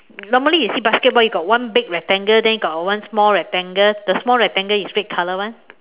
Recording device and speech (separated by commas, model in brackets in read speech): telephone, conversation in separate rooms